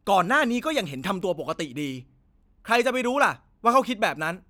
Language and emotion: Thai, angry